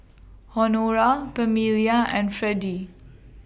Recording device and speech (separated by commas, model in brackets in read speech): boundary microphone (BM630), read sentence